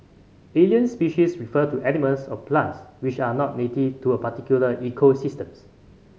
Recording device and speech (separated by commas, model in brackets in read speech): mobile phone (Samsung C5010), read sentence